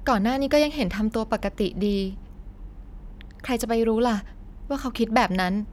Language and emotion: Thai, frustrated